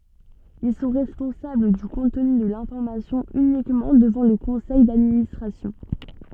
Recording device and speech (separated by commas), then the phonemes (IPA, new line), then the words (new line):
soft in-ear microphone, read sentence
il sɔ̃ ʁɛspɔ̃sabl dy kɔ̃tny də lɛ̃fɔʁmasjɔ̃ ynikmɑ̃ dəvɑ̃ lə kɔ̃sɛj dadministʁasjɔ̃
Ils sont responsables du contenu de l'information uniquement devant le conseil d'administration.